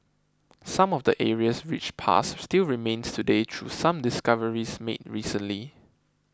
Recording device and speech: close-talking microphone (WH20), read sentence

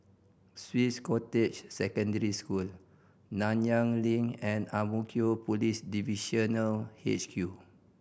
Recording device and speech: boundary microphone (BM630), read sentence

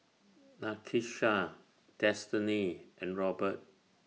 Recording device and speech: mobile phone (iPhone 6), read sentence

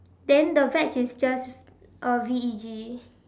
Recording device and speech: standing microphone, conversation in separate rooms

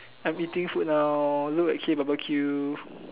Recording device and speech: telephone, conversation in separate rooms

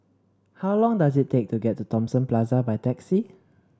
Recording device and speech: standing microphone (AKG C214), read sentence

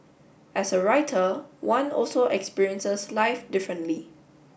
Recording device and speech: boundary microphone (BM630), read sentence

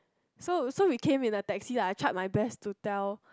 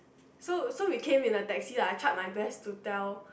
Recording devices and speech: close-talking microphone, boundary microphone, conversation in the same room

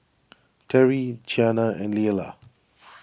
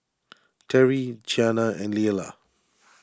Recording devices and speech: boundary microphone (BM630), standing microphone (AKG C214), read sentence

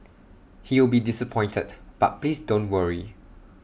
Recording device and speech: boundary microphone (BM630), read sentence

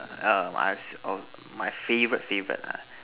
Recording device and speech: telephone, conversation in separate rooms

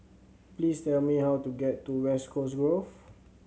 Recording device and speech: mobile phone (Samsung C7100), read sentence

